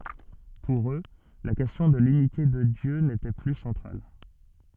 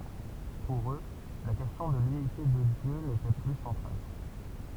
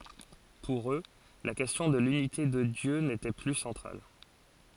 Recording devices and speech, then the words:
soft in-ear microphone, temple vibration pickup, forehead accelerometer, read sentence
Pour eux, la question de l'unité de Dieu n'était plus centrale.

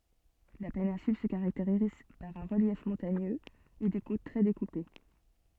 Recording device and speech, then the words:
soft in-ear microphone, read sentence
La péninsule se caractérise par un relief montagneux et des côtes très découpées.

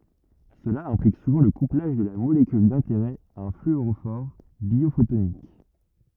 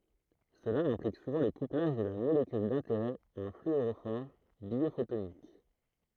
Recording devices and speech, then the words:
rigid in-ear microphone, throat microphone, read sentence
Cela implique souvent le couplage de la molécule d'intérêt à un fluorophore biophotonique.

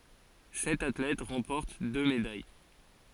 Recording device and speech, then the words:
forehead accelerometer, read sentence
Sept athlètes remportent deux médailles.

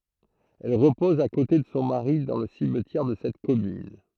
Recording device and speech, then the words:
throat microphone, read sentence
Elle repose à côté de son mari dans le cimetière de cette commune.

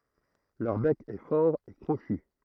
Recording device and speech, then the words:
throat microphone, read sentence
Leur bec est fort et crochu.

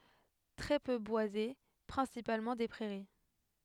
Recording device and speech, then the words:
headset microphone, read sentence
Très peu boisé, principalement des prairies.

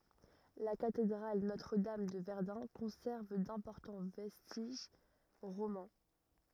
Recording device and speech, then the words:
rigid in-ear microphone, read sentence
La Cathédrale Notre-Dame de Verdun conserve d'importants vestiges romans.

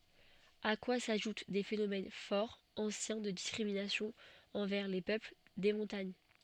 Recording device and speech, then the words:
soft in-ear microphone, read sentence
À quoi s'ajoutent des phénomènes fort anciens de discriminations envers les peuples des montagnes.

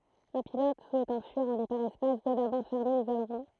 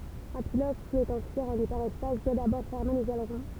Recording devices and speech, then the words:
throat microphone, temple vibration pickup, read sentence
Un pilote souhaitant fuir en hyperespace doit d’abord fermer les ailerons.

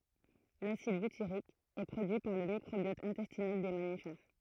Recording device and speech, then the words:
throat microphone, read sentence
L'acide butyrique est produit par le microbiote intestinal des mammifères.

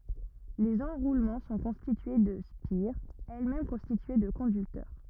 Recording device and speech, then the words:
rigid in-ear microphone, read sentence
Les enroulements sont constitués de spires, elles-mêmes constituées de conducteurs.

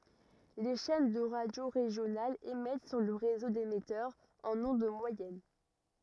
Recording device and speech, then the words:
rigid in-ear microphone, read sentence
Les chaînes de radio régionales émettent sur le réseau d'émetteurs en ondes moyennes.

